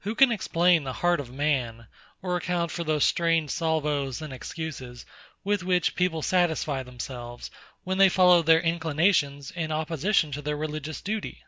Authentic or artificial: authentic